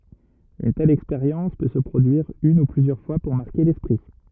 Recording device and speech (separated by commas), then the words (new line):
rigid in-ear microphone, read sentence
Une telle expérience peut se produire une ou plusieurs fois pour marquer l'esprit.